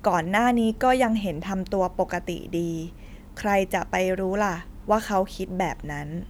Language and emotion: Thai, neutral